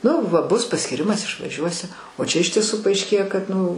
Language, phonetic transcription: Lithuanian, nu ˈva ˈbus paskyˈrimas išvaˈžiuosi o čia iš tieˈsų paaišˈkėja kad nu

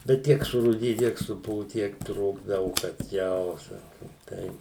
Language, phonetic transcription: Lithuanian, bet ˈtiek surūˈdiju ˈtiek suˈpuvu ˈtiek ˈtrūkdavu kad ˈjau ˈsakom ˈtai

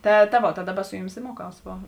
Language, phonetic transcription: Lithuanian, ˈta ta ˈvot ta ˈdaˌba ˈsu juˌmis i ˈmuoˌkaus ˈvo

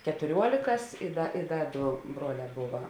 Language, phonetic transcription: Lithuanian, ketuˈriuolėkas i ˈda i ˈda ˈdo ˈbruoˌlē ˈbuva

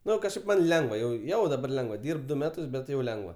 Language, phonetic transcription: Lithuanian, ˈnu kažˈkaip man' ˈlengva jau ˈjau daˈbar ˈlengva ˈdyrb ˈdu ˈmetus bet ˈjau ˈlengva

